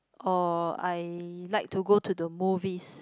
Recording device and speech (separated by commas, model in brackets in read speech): close-talking microphone, conversation in the same room